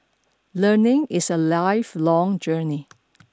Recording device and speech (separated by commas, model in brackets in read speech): standing microphone (AKG C214), read sentence